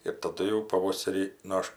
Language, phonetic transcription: Lithuanian, ir taˈdu jau paˈvoserį nu ˈaš

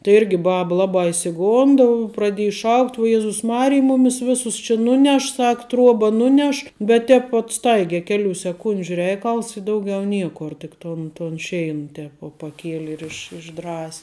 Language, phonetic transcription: Lithuanian, tai ˈirgi ˈbaba ˈlabā išsiˈgonda praˈdieji ˈšaukt uo ˈjezus ˈmarij ˈmumis ˈvisus či ˈnuˌneš ˈsak ˈtruoba ˈnuˌneš bet ˈtēp vuot ˈstaigia ˈkeˌlių seˈkundžiu ˈreikals i ˈdauˌgiau ˈniekor tik ˈton ton ˈšein ˈtēp vuo paˈkieli ir iš išˈdras'

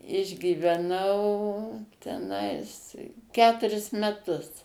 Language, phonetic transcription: Lithuanian, išgyveˈnau teˈnais ˈketuris meˈtus

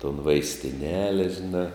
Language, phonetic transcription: Lithuanian, ton vaistiˈnele žiˈnā

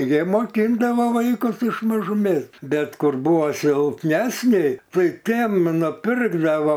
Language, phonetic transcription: Lithuanian, jie moˈkindavo ˈvaikus iš mažuˈmės ˈbet ˈkur ˈbuvo silpˈnesni ˈtai ˈtiem nuˈpirkdavo

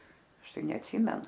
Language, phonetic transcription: Lithuanian, ˈaš ˈtai neatˈsymenu

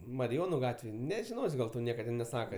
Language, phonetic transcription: Lithuanian, mariˈjonu ˈgatvėj nežiˈnos' gal ˈtau ˈnieka tin neˈsaka

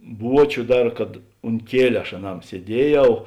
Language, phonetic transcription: Lithuanian, ˈbuočiu ˈdar kad unt ˈkieliu aš aˈnam sieˈdieˌjau

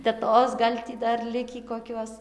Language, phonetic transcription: Lithuanian, teˈtos gal' ˈtį ˈdar ˈlikį koˈkiuos

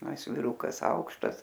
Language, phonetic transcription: Lithuanian, a ˈis viˈrukas ˈaukštas

